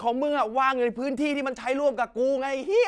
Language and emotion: Thai, angry